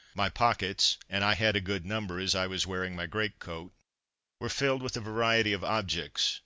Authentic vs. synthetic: authentic